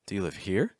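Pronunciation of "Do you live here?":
In 'Do you live here?', the pitch starts low and finishes higher.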